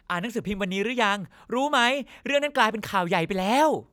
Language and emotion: Thai, happy